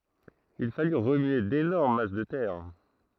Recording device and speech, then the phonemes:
throat microphone, read sentence
il faly ʁəmye denɔʁm mas də tɛʁ

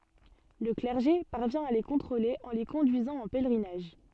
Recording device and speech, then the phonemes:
soft in-ear microphone, read sentence
lə klɛʁʒe paʁvjɛ̃ a le kɔ̃tʁole ɑ̃ le kɔ̃dyizɑ̃ ɑ̃ pɛlʁinaʒ

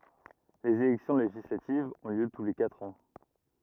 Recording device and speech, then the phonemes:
rigid in-ear microphone, read sentence
lez elɛksjɔ̃ leʒislativz ɔ̃ ljø tu le katʁ ɑ̃

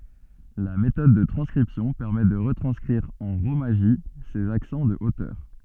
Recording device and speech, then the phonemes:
soft in-ear microphone, read sentence
la metɔd də tʁɑ̃skʁipsjɔ̃ pɛʁmɛ də ʁətʁɑ̃skʁiʁ ɑ̃ ʁomaʒi sez aksɑ̃ də otœʁ

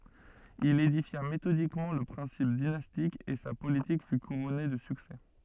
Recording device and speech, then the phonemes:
soft in-ear microphone, read sentence
il edifja metodikmɑ̃ lə pʁɛ̃sip dinastik e sa politik fy kuʁɔne də syksɛ

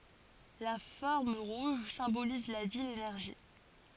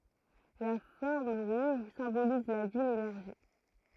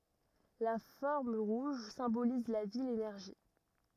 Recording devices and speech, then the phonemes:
forehead accelerometer, throat microphone, rigid in-ear microphone, read sentence
la fɔʁm ʁuʒ sɛ̃boliz la vi lenɛʁʒi

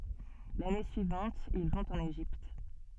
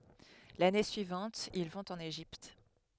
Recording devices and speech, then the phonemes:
soft in-ear microphone, headset microphone, read sentence
lane syivɑ̃t il vɔ̃t ɑ̃n eʒipt

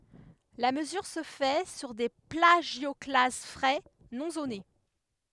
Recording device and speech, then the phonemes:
headset microphone, read sentence
la məzyʁ sə fɛ syʁ de plaʒjɔklaz fʁɛ nɔ̃ zone

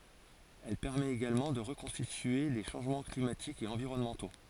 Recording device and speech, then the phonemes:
forehead accelerometer, read sentence
ɛl pɛʁmɛt eɡalmɑ̃ də ʁəkɔ̃stitye le ʃɑ̃ʒmɑ̃ klimatikz e ɑ̃viʁɔnmɑ̃to

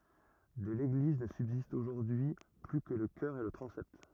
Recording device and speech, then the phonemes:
rigid in-ear microphone, read sentence
də leɡliz nə sybzistt oʒuʁdyi y ply kə lə kœʁ e lə tʁɑ̃sɛt

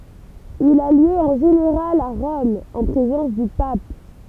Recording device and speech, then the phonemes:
temple vibration pickup, read sentence
il a ljø ɑ̃ ʒeneʁal a ʁɔm ɑ̃ pʁezɑ̃s dy pap

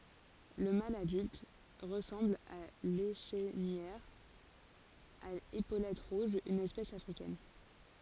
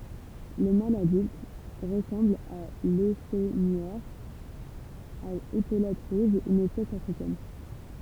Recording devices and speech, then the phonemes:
forehead accelerometer, temple vibration pickup, read sentence
lə mal adylt ʁəsɑ̃bl a leʃnijœʁ a epolɛt ʁuʒz yn ɛspɛs afʁikɛn

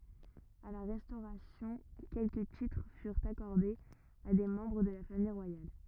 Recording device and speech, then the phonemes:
rigid in-ear microphone, read sentence
a la ʁɛstoʁasjɔ̃ kɛlkə titʁ fyʁt akɔʁdez a de mɑ̃bʁ də la famij ʁwajal

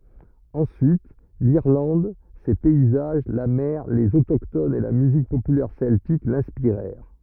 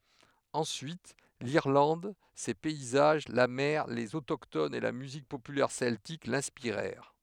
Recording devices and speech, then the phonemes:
rigid in-ear microphone, headset microphone, read sentence
ɑ̃syit liʁlɑ̃d se pɛizaʒ la mɛʁ lez otoktonz e la myzik popylɛʁ sɛltik lɛ̃spiʁɛʁ

